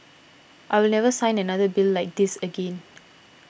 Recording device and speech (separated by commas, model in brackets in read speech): boundary microphone (BM630), read sentence